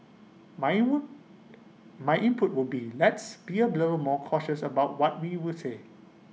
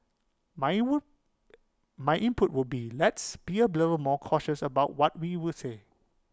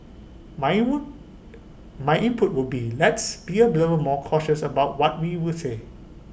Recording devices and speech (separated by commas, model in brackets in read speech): mobile phone (iPhone 6), close-talking microphone (WH20), boundary microphone (BM630), read sentence